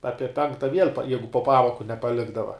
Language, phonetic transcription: Lithuanian, ˈapie ˈpenkta viel' pa ˈjeigu po ˈpamoku nepaˈlikdava

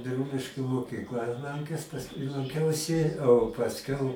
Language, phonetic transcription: Lithuanian, biˈrūliškių mokykˈlą lanˈkes pasˈkui lanˈkiausi o pasˈkiau

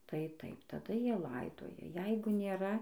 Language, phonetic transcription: Lithuanian, tai ˈtaip taˈda ˈjie ˈlaidoja ˈjeigu nėˈra

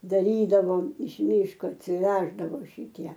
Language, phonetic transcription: Lithuanian, daˈrydavom iš ˈmyško atsiˈveždavo šiˈtie

